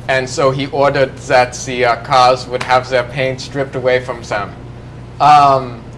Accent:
german accent